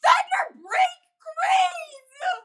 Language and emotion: English, sad